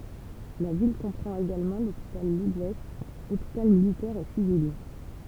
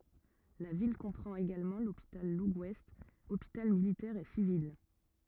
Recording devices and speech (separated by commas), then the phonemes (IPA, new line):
temple vibration pickup, rigid in-ear microphone, read sentence
la vil kɔ̃pʁɑ̃t eɡalmɑ̃ lopital ləɡwɛst opital militɛʁ e sivil